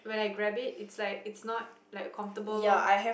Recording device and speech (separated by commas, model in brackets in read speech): boundary microphone, conversation in the same room